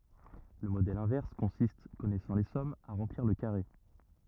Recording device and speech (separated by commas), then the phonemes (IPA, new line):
rigid in-ear microphone, read sentence
lə modɛl ɛ̃vɛʁs kɔ̃sist kɔnɛsɑ̃ le sɔmz a ʁɑ̃pliʁ lə kaʁe